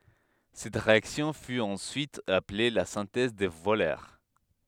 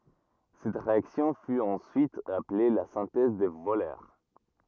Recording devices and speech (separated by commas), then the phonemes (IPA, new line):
headset microphone, rigid in-ear microphone, read sentence
sɛt ʁeaksjɔ̃ fy ɑ̃syit aple la sɛ̃tɛz də vølœʁ